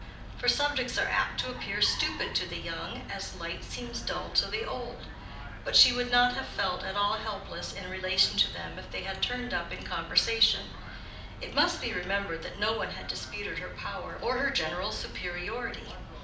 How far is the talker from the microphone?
2.0 m.